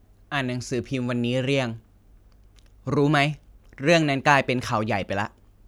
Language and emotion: Thai, frustrated